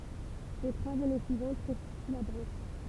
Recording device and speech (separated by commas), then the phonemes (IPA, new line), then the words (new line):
temple vibration pickup, read sentence
le tʁwaz ane syivɑ̃t kɔ̃stity la bʁɑ̃ʃ
Les trois années suivantes constituent la branche.